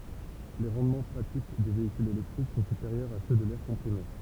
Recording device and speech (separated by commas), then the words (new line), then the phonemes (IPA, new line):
temple vibration pickup, read sentence
Les rendements pratiques des véhicules électriques sont supérieurs à ceux de l'air comprimé.
le ʁɑ̃dmɑ̃ pʁatik de veikylz elɛktʁik sɔ̃ sypeʁjœʁz a sø də lɛʁ kɔ̃pʁime